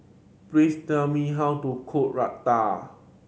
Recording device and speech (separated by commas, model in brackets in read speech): mobile phone (Samsung C7100), read sentence